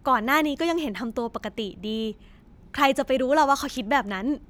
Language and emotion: Thai, happy